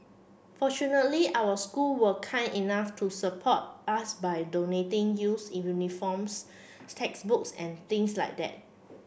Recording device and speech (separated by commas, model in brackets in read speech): boundary microphone (BM630), read sentence